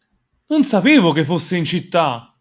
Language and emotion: Italian, surprised